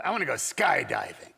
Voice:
gruffly